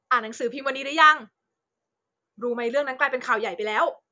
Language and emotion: Thai, happy